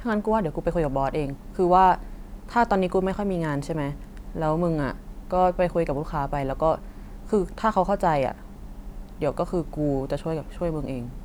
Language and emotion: Thai, neutral